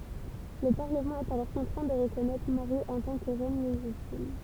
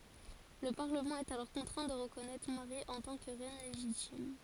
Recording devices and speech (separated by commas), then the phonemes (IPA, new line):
temple vibration pickup, forehead accelerometer, read sentence
lə paʁləmɑ̃ ɛt alɔʁ kɔ̃tʁɛ̃ də ʁəkɔnɛtʁ maʁi ɑ̃ tɑ̃ kə ʁɛn leʒitim